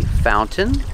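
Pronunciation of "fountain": In 'fountain', the t is pronounced, and the second syllable is not stressed.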